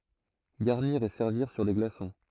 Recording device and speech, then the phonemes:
throat microphone, read sentence
ɡaʁniʁ e sɛʁviʁ syʁ de ɡlasɔ̃

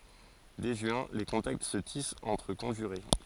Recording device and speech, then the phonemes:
forehead accelerometer, read sentence
dɛ ʒyɛ̃ le kɔ̃takt sə tist ɑ̃tʁ kɔ̃ʒyʁe

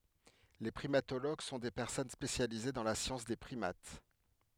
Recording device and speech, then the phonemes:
headset microphone, read sentence
le pʁimatoloɡ sɔ̃ de pɛʁsɔn spesjalize dɑ̃ la sjɑ̃s de pʁimat

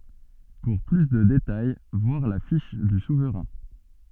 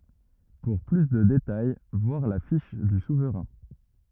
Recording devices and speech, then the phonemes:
soft in-ear microphone, rigid in-ear microphone, read sentence
puʁ ply də detaj vwaʁ la fiʃ dy suvʁɛ̃

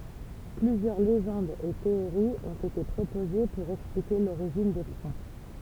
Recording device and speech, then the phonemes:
temple vibration pickup, read sentence
plyzjœʁ leʒɑ̃dz e teoʁiz ɔ̃t ete pʁopoze puʁ ɛksplike loʁiʒin de fʁɑ̃

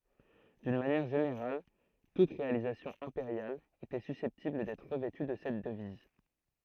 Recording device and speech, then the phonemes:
throat microphone, read sentence
dyn manjɛʁ ʒeneʁal tut ʁealizasjɔ̃ ɛ̃peʁjal etɛ sysɛptibl dɛtʁ ʁəvɛty də sɛt dəviz

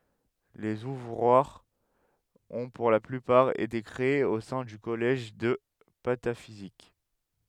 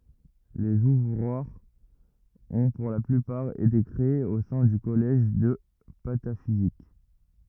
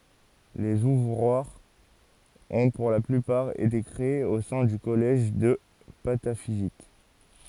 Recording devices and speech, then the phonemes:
headset microphone, rigid in-ear microphone, forehead accelerometer, read sentence
lez uvʁwaʁz ɔ̃ puʁ la plypaʁ ete kʁeez o sɛ̃ dy kɔlɛʒ də patafizik

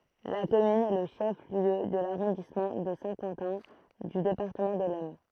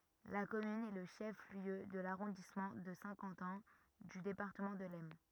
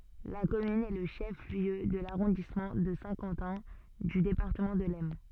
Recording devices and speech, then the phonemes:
throat microphone, rigid in-ear microphone, soft in-ear microphone, read sentence
la kɔmyn ɛ lə ʃɛf ljø də laʁɔ̃dismɑ̃ də sɛ̃ kɑ̃tɛ̃ dy depaʁtəmɑ̃ də lɛsn

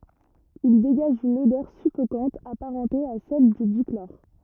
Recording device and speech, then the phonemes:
rigid in-ear microphone, read sentence
il deɡaʒ yn odœʁ syfokɑ̃t apaʁɑ̃te a sɛl dy diklɔʁ

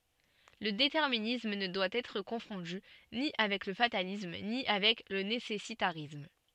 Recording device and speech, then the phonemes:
soft in-ear microphone, read sentence
lə detɛʁminism nə dwa ɛtʁ kɔ̃fɔ̃dy ni avɛk lə fatalism ni avɛk lə nesɛsitaʁism

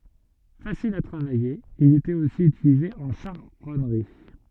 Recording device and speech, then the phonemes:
soft in-ear microphone, read sentence
fasil a tʁavaje il etɛt osi ytilize ɑ̃ ʃaʁɔnʁi

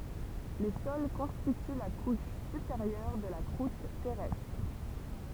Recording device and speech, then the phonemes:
temple vibration pickup, read sentence
le sɔl kɔ̃stity la kuʃ sypeʁjœʁ də la kʁut tɛʁɛstʁ

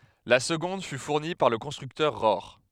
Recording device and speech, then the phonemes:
headset microphone, read sentence
la səɡɔ̃d fy fuʁni paʁ lə kɔ̃stʁyktœʁ ʁɔʁ

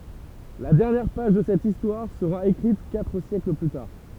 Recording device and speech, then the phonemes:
temple vibration pickup, read sentence
la dɛʁnjɛʁ paʒ də sɛt istwaʁ səʁa ekʁit katʁ sjɛkl ply taʁ

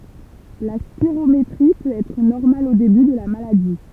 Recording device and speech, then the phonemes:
temple vibration pickup, read sentence
la spiʁometʁi pøt ɛtʁ nɔʁmal o deby də la maladi

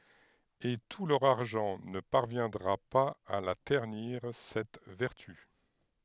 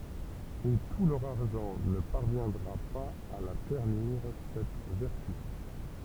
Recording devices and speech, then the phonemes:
headset microphone, temple vibration pickup, read sentence
e tu lœʁ aʁʒɑ̃ nə paʁvjɛ̃dʁa paz a la tɛʁniʁ sɛt vɛʁty

